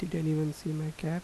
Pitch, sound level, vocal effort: 160 Hz, 79 dB SPL, soft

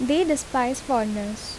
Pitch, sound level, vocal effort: 255 Hz, 79 dB SPL, normal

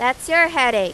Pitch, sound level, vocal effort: 255 Hz, 98 dB SPL, very loud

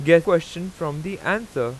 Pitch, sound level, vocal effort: 170 Hz, 92 dB SPL, loud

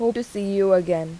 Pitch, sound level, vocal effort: 195 Hz, 86 dB SPL, normal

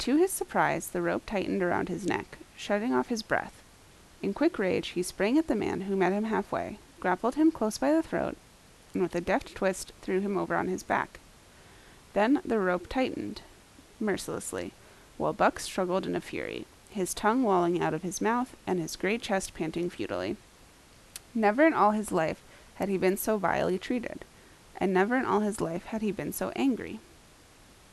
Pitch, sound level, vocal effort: 205 Hz, 79 dB SPL, normal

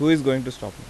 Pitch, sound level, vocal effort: 135 Hz, 87 dB SPL, normal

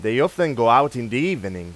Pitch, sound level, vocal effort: 115 Hz, 96 dB SPL, loud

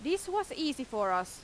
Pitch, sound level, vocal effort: 280 Hz, 90 dB SPL, very loud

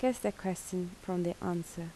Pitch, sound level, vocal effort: 180 Hz, 74 dB SPL, soft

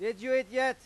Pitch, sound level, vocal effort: 260 Hz, 103 dB SPL, very loud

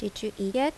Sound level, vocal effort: 80 dB SPL, normal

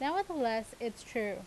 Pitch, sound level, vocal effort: 235 Hz, 87 dB SPL, loud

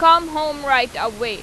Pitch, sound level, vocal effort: 275 Hz, 96 dB SPL, loud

